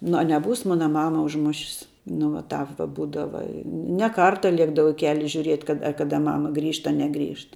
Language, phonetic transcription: Lithuanian, nu a neˈbūs ˈmona ˈmama užˈmušis nu vat ˈtāp va ˈbūdava i ne ˈkarta ˈliekdavau i ˈkeli žiuˈriet kad a ˈkada ˈmama ˈgrįžt a ˈneˌgrįžt

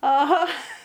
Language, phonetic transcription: Lithuanian, aˈha

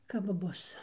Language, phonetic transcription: Lithuanian, kap ˈbus

